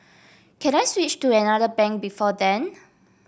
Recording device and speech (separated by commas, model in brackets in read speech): boundary microphone (BM630), read sentence